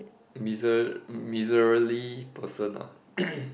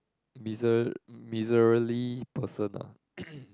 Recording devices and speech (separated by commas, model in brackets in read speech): boundary microphone, close-talking microphone, conversation in the same room